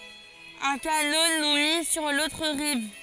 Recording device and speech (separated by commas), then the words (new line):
forehead accelerometer, read sentence
Un canot nous mit sur l'autre rive.